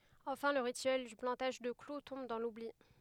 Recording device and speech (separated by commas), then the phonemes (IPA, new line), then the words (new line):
headset microphone, read sentence
ɑ̃fɛ̃ lə ʁityɛl dy plɑ̃taʒ də klu tɔ̃b dɑ̃ lubli
Enfin, le rituel du plantage de clou tombe dans l'oubli.